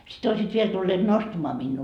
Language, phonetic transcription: Finnish, sit ‿oisiit 'viel tulleet 'nostᵃmaa minnuu .
- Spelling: sitten olisivat vielä tulleet nostamaan minua

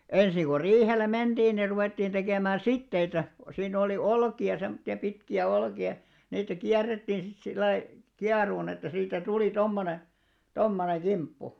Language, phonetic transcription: Finnish, ensiŋ ɢo 'riihele 'menᴅiin ni ruvèttiin 'ᴅekèmää "sitteitä , siinn ‿oli 'olki₍a , semtti₍a 'pitki₍ä 'olki₍a , niitä "kiärrettiin sit sillai , "kiaruun ‿että siitä 'tuli 'tommone , 'tommoneŋ "ɢimppu .
- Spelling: ensin kun riihelle mentiin niin ruvettiin tekemään siteitä siinä oli olkia semmoisia pitkiä olkia niitä kierrettiin sitten sillä lailla kieroon että siitä tuli tuommoinen tuommoinen kimppu

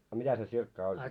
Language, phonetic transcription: Finnish, a 'mitä se tsirkka ol ?
- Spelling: a mitä se sirkka oli

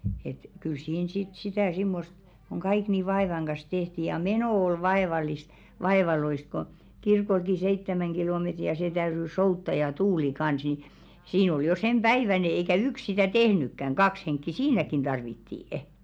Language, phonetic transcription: Finnish, et kyl 'siin sit sitä̀ 'simmost , koŋ "ɢaik ni "vaèvaŋ ɢas 'tehti ja "menò ol 'vaeval̀ist , 'vaevaloisᵗ ko , kirkolki "seittämäŋ 'ɢilometri ja se 'täyry 'soutta ja 'tuuli kans ni , 'siin ‿ol jo 'sem"ʙäiväne eikä "ykˢ sitä 'tehnykkäŋ "kaks 'henkki "siinäkin 'ᴅarvittii₍ᵊ .
- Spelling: että kyllä siinä sitten sitä semmoista kun kaikki niin vaivan kanssa tehtiin ja meno oli vaivallista vaivalloista kun kirkollekin seitsemän kilometriä ja se täytyi soutaa ja tuuli kanssa niin siinä oli jo senpäiväinen eikä yksi sitä tehnytkään kaksi henkeä siinäkin tarvittiin

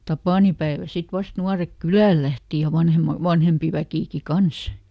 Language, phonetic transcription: Finnish, "tapànipäeväl ˈsit ˈvast ˈnuarek "kylä̀l lähti ja ˈvanhema , "vanhempi ˈväkìki "kans .
- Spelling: tapaninpäivällä sitten vasta nuoret kylälle lähti ja vanhemmat vanhempi väkikin kanssa

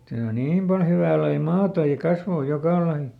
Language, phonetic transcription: Finnish, tää o "niim pal ˈhyvä̀ lai "maata ja ˈkasvò ˈjokà lai .
- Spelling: tämä on niin paljon hyvää lajia maata ja kasvaa joka laji

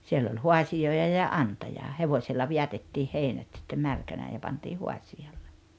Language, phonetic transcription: Finnish, 'siell ‿oĺ "huasi₍òija ja "’antaja , 'hevoilla 'viätettiih 'heinät sittem 'märkänää ja panti 'huasi₍alle .
- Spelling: siellä oli haasioita ja antaja hevosilla vedätettiin heinät sitten märkänään ja pantiin haasiolle

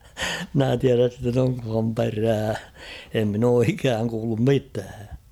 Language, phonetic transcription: Finnish, 'mᵎnä 'tiäräs sitten oŋkham 'perää , em min ‿oo 'ikääŋ kuullum "mitää .
- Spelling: minä tiedä sitten onkohan perää en minä ole ikään kuullut mitään

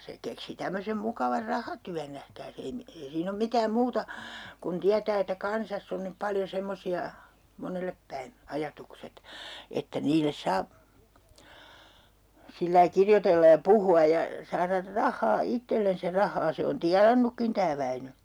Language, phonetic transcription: Finnish, 'se keksi 'tämmösem 'mukavar "rahatyän nähkääs ‿ei mi- , ei 'siin ‿om "mitääm 'muuta , kun 'tiätää että "kansass ‿on nyp 'paljo 'semmosi₍a , "monellep päin , 'ajatukset , että niil̀es 'saa , sillai 'kirjotellaj ja "puhu₍a ja , 'saarar "rahhaa 'ittellens ja 'rah̆haa se on "tianannukkin tää'Väinö .
- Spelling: se keksi tämmöisen mukavan rahatyön nähkääs ei - ei siinä ole mitään muuta kun tietää että kansassa on nyt paljon semmoisia monelle päin ajatukset että niille saa sillä lailla kirjoitella ja puhua ja saada rahaa itsellensä ja rahaa se on tienannutkin tämä Väinö

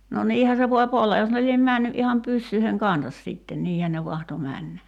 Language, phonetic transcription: Finnish, no 'niihä se 'voi'p ‿olla jos ne liem 'mä̀nny ’iham "pyssyiheŋ "kansas sìtten "niihän ne 'vahto 'männä .
- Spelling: no niinhän se voi olla jos ne lie mennyt ihan pyssyjen kanssa sitten niinhän ne mahtoi mennä

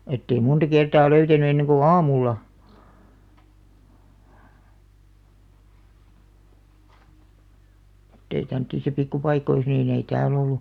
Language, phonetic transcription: Finnish, ettei 'munta 'kertaa 'löytäny enneŋ ɢu "aamulla , [mut]tei tämᵒ̈ttisä 'pikkupaikois niin ‿ei "tääl ‿ollu .
- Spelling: että ei monta kertaa löytänyt ennen kuin aamulla mutta ei tämmöisissä pikkupaikoissa niin ei täällä ollut

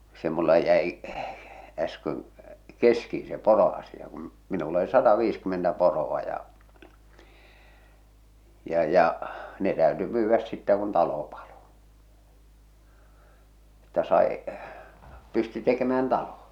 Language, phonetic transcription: Finnish, 'se mulla 'jäi , äsköŋ , "keski̳n̬ se "poro₍asija kum , minull ‿oli 'sata'viiskymmentä 'poro₍a ja , ja 'ja , ne täöty 'myyvväs sittä kun 'talo palo , että sai , 'pysty tekemään "talo .
- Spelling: se minulla jäi äsken kesken se poroasia kun minulla oli sataviisikymmentä poroa ja ja ja ne täytyi myydä sitten kun talo paloi että sai pystyi tekemään talon

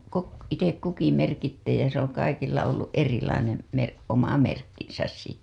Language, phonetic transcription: Finnish, ko , 'itek 'kuki merkittee ja se ‿oŋ 'kaikilla olluˀ 'ˀerilainem , mer- , 'oma "merkkinsäs sitte .
- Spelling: kun itse kukin merkitsee ja se on kaikilla ollut erilainen - oma merkkinsä sitten

